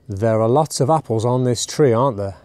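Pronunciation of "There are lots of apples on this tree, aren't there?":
The voice falls on the tag 'aren't there', so it asks for agreement rather than asking a real question.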